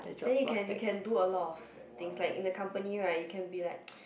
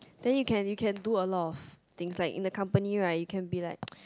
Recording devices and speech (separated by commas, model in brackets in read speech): boundary microphone, close-talking microphone, conversation in the same room